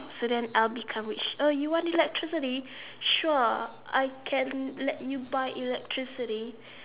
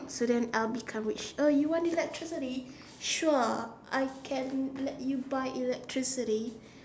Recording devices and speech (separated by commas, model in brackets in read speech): telephone, standing microphone, conversation in separate rooms